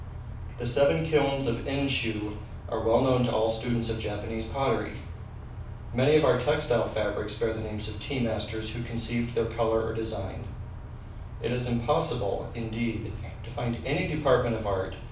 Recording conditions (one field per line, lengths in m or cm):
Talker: one person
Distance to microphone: 5.8 m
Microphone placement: far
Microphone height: 1.8 m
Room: medium-sized (5.7 m by 4.0 m)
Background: none